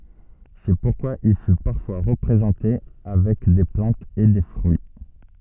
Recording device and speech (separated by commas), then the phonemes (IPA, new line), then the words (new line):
soft in-ear microphone, read sentence
sɛ puʁkwa il fy paʁfwa ʁəpʁezɑ̃te avɛk de plɑ̃tz e de fʁyi
C'est pourquoi il fut parfois représenté avec des plantes et des fruits.